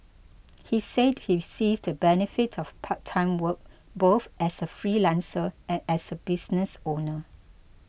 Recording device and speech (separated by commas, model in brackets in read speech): boundary microphone (BM630), read sentence